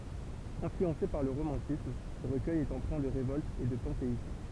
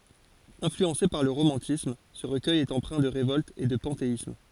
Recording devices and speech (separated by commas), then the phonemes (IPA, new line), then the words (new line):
temple vibration pickup, forehead accelerometer, read sentence
ɛ̃flyɑ̃se paʁ lə ʁomɑ̃tism sə ʁəkœj ɛt ɑ̃pʁɛ̃ də ʁevɔlt e də pɑ̃teism
Influencé par le romantisme, ce recueil est empreint de révolte et de panthéisme.